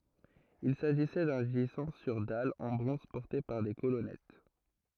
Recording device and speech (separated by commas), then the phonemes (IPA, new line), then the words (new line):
throat microphone, read sentence
il saʒisɛ dœ̃ ʒizɑ̃ syʁ dal ɑ̃ bʁɔ̃z pɔʁte paʁ de kolɔnɛt
Il s’agissait d'un gisant sur dalle en bronze porté par des colonnettes.